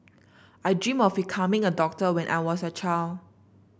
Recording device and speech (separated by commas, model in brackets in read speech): boundary microphone (BM630), read sentence